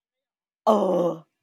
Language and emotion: Thai, frustrated